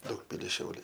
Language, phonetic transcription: Lithuanian, ˈdaugpilis ˈšiauliai

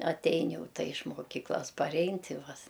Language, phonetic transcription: Lithuanian, atˈein ˈjau ˈta iš moˈkyklas paˈrein ˈti ˈva s

